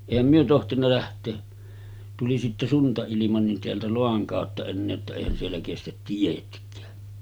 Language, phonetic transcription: Finnish, èihäm myö 'tohtinna läht̆tee , tuli sitte 'sunta₍ilima nin teältä "Loaŋ kàotta ennee että 'èihän siellä kestät 'tietk̀ää .
- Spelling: eihän me tohtinut lähteä tuli sitten suntailma niin täältä Loan kautta enää että eihän siellä kestä tietkään

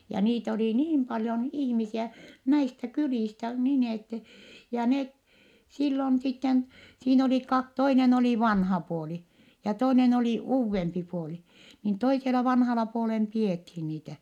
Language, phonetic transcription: Finnish, ja niit ‿olì niim paljon ihmisiä , näistä kylìstä nin ‿ette , ja net , sillon sitten , siin ‿olì ka- , toinen ‿olì vanha puoli , ja toinen olì uuvvempi puoli , niin toisela vanhala puolem pi₍ethi niitä .
- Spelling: ja niitä oli niin paljon ihmisiä näistä kylistä niin että ja ne silloin sitten siinä oli - toinen oli vanha puoli ja toinen oli uudempi puoli niin toisella vanhalla puolen pidettiin niitä

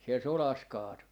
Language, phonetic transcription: Finnish, siel "solas 'kaatu .
- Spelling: siellä sodassa kaatui

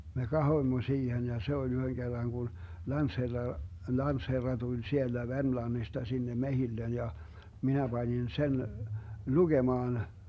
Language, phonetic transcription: Finnish, me "kahoⁱmmo 'siihen ja 'se oĺ 'yhöŋ 'Gerraŋ Gun , 'lantsherra , 'lantsherra tuĺ "sielDä 'Vermlannista 'sinne "mehillen ja , 'minä 'Bańin 'sen , "luGemaan .
- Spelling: me katsoimme siihen ja se oli yhden kerran kun lantsherra lantsherra tuli sieltä Vermlannista sinne metsille ja minä panin sen lukemaan

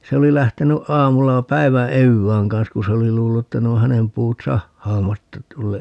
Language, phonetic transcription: Finnish, 'se oli 'lähteny 'ʼaamulla "päi̮vä "evvääŋ kan̬s ku 'se oli 'luullu että ne o "hänem puut 'sahhaa"matta 'tulle- , .
- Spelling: se oli lähtenyt aamulla päivän evään kanssa kun se oli luullut että ne on hänen puut sahaamatta -

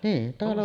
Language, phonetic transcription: Finnish, nii , talo .
- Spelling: niin talo

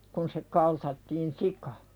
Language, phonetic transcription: Finnish, kun se 'kaltattiin "sika .
- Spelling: kun se kaltattiin sika

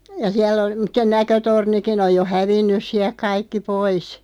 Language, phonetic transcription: Finnish, ja 'siäll ‿ol- , (mut) se 'näkötornikin ‿oj jo "hävinnys siä(l)k 'kaikki 'pois .
- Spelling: ja siellä - mutta se näkötornikin on jo hävinnyt sieltä kaikki pois

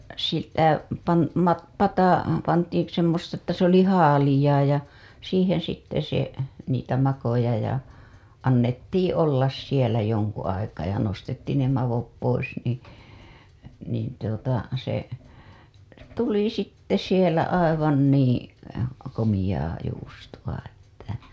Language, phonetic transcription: Finnish, ja sitä , pan- , ma- , pata , pantiiḭ semmosta että se ‿oli ' haalijaa ja , siiheḛ sitte se , niitä makoja ja , annettiiḭ 'ollas sielä joŋku aikaa ja nostettiin ne 'mavop pois nii , niin tuota se , "tuli 'sitte 'sielä aivan nii , komiʲaa juustuWa ‿ttä , .
- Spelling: ja sitä - - pata pantiin semmoista että se oli - haaleaa ja siihen sitten se niitä makoja ja annettiin olla siellä jonkun aikaa ja nostettiin ne maot pois niin niin tuota se tuli sitten siellä aivan niin komeaa juustoa että

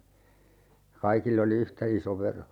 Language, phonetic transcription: Finnish, (ja) 'kaikill ‿oli "yhtä iso 'vero .
- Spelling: ja kaikilla oli yhtä iso vero

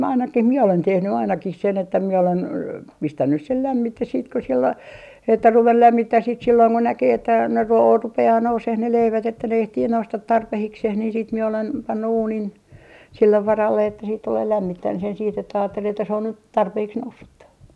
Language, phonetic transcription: Finnish, 'ainakih "miɛ olen 'tehny ainakih sen ‿että mie olen , "pistännys sel 'lämmites̆ siit ko siell ‿o , että 'ruvel "lämmittäh siit silloiŋ ko 'näkee että ne ruo- , 'rupe₍aa 'nouseh ne 'leivät että ne 'ehtii 'noustat 'tarpehikseh niin siit mie olen , pannu 'uunin , 'sillev 'varalle että siit tulee lämmit- , -tän sen siit ‿että aattel ‿että se on nyt , 'tarpeeks "noussutta .
- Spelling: ainakin minä olen tehnyt ainakin sen että minä olen pistänyt sen lämmite sitten kun siellä oli että ruvennut lämmittämään sitten silloin kun näkee että ne - rupeaa nousemaan ne leivät että ne ehtii nousta tarpeeksi niin sitten minä olen pannut uunin sille varalle että sitten tulee - lämmittämään sen sitten että ajatteli että se on nyt tarpeeksi noussutta

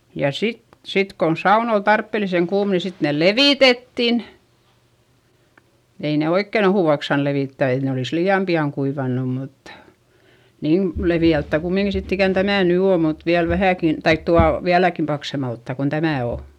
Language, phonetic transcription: Finnish, ja sit , sit kon saun ‿ol tarppeliseŋ kuum ni sit nèl levìtettin , ei ne oikken ‿ohùvaks saan levìttä et ne olìs lii₍am pi₍aŋ kuivannum mut , niin , levi₍älttä̀ kummiŋki sitt ‿ikän tämä̀ ny oo mut viäl vähä̀kin , taik tual , viäläkim paksemalttà kon tämä̀ o .
- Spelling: ja sitten sitten kun sauna oli tarpeellisen kuuma niin sitten ne levitettiin ei ne oikein ohueksi saanut levittää että ne olisi liian pian kuivanut mutta niin leveältään kumminkin sitten ikään tämä nyt on mutta vielä vähänkin tai tuolla vieläkin paksummalta kuin tämä on

